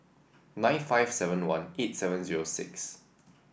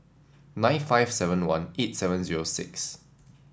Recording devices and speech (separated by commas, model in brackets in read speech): boundary microphone (BM630), standing microphone (AKG C214), read sentence